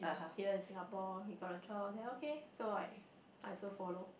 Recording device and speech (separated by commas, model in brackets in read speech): boundary microphone, conversation in the same room